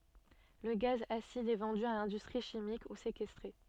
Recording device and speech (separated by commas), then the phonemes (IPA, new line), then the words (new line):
soft in-ear microphone, read sentence
lə ɡaz asid ɛ vɑ̃dy a lɛ̃dystʁi ʃimik u sekɛstʁe
Le gaz acide est vendu à l'industrie chimique ou séquestré.